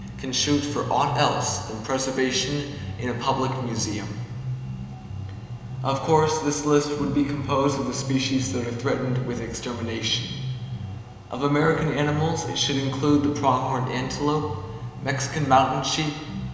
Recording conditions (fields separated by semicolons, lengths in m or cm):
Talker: one person; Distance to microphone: 1.7 m; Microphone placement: close; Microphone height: 1.0 m; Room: very reverberant, large; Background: music